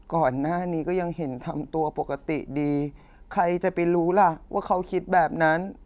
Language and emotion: Thai, sad